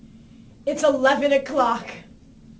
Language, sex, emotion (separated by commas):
English, female, happy